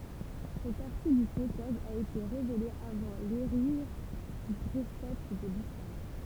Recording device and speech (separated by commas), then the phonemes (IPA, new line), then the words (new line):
temple vibration pickup, read sentence
sɛt paʁti dit mɛkwaz a ete ʁevele avɑ̃ leʒiʁ dy pʁofɛt də lislam
Cette partie dite mecquoise a été révélée avant l'hégire du prophète de l'islam.